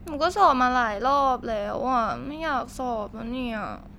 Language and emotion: Thai, frustrated